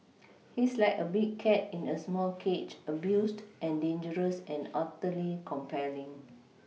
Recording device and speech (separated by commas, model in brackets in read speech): mobile phone (iPhone 6), read sentence